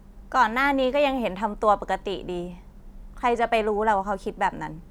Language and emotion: Thai, frustrated